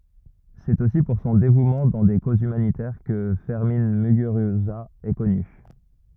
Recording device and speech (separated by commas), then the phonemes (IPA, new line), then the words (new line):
rigid in-ear microphone, read sentence
sɛt osi puʁ sɔ̃ devumɑ̃ dɑ̃ de kozz ymanitɛʁ kə fɛʁmɛ̃ myɡyʁyza ɛ kɔny
C'est aussi pour son dévouement dans des causes humanitaires que Fermin Muguruza est connu.